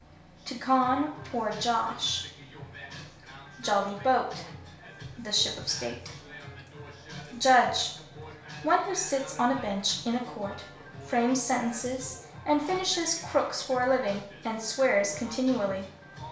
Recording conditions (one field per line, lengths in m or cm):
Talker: one person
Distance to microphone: 1.0 m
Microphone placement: close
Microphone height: 1.1 m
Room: small (3.7 m by 2.7 m)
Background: music